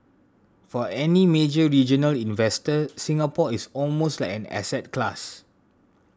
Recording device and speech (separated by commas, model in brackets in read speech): standing microphone (AKG C214), read sentence